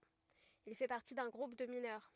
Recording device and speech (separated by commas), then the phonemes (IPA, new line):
rigid in-ear microphone, read sentence
il fɛ paʁti dœ̃ ɡʁup də minœʁ